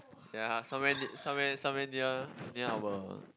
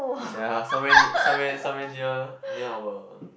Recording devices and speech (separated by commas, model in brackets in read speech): close-talking microphone, boundary microphone, conversation in the same room